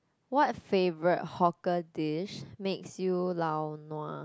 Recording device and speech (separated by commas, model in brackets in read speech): close-talking microphone, conversation in the same room